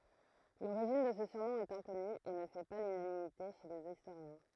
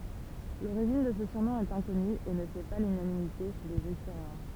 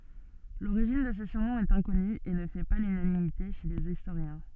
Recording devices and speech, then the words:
throat microphone, temple vibration pickup, soft in-ear microphone, read sentence
L'origine de ce surnom est inconnue et ne fait pas l'unanimité chez les historiens.

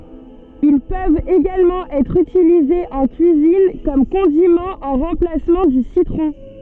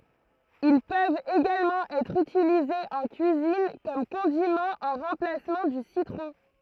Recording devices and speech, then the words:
soft in-ear microphone, throat microphone, read sentence
Ils peuvent également être utilisés en cuisine, ou comme condiment en remplacement du citron.

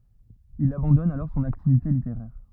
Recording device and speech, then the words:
rigid in-ear microphone, read sentence
Il abandonne alors son activité littéraire.

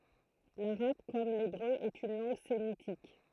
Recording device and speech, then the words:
throat microphone, read sentence
L'arabe, comme l'hébreu, est une langue sémitique.

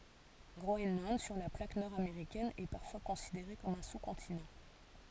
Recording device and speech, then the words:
forehead accelerometer, read sentence
Groenland, sur la plaque nord-américaine, est parfois considéré comme un sous-continent.

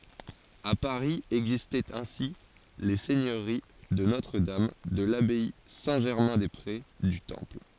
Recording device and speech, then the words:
forehead accelerometer, read sentence
À Paris existaient ainsi les seigneuries de Notre-Dame, de l’abbaye Saint-Germain-des-Prés, du Temple...

